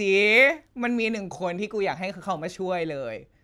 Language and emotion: Thai, frustrated